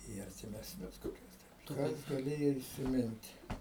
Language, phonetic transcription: Lithuanian, į artimesˈnius koˈkius ˈkas gaˈlėjo isiˈmint'

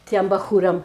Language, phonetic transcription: Lithuanian, ˈtiem baˈchūram

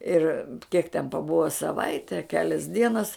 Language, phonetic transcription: Lithuanian, ˈir kiek ten paˈbuva saˈvaite a ˈkelias ˈdienas

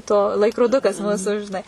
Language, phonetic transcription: Lithuanian, ˈto laikroˈdukas ˈmūsu žiˈnai

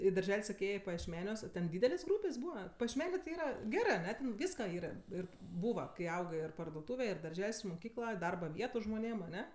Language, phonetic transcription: Lithuanian, į darˈžel' ˈsakė ˈėjė pajiešˈmeniuos o ten ˈdydelės' ˈgrūpės' ˈbūva pajiešˈmenė ti ˈyra ˈgerɜ aˈne ˈten ˈvyska ˈyra ˈir ˈbūva kai ˈaugɜ ir parduoˈtūve ir darˈžel's' ir muˈkykla ˈdarba ˈvietu žmoˈnėm aˈne

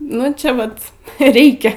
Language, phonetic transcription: Lithuanian, ˈnu čia ˈvat ˈreikia

